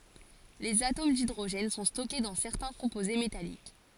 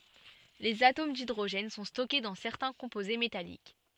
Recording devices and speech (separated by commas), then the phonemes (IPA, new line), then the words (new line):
forehead accelerometer, soft in-ear microphone, read sentence
lez atom didʁoʒɛn sɔ̃ stɔke dɑ̃ sɛʁtɛ̃ kɔ̃poze metalik
Les atomes d'hydrogène sont stockés dans certains composés métalliques.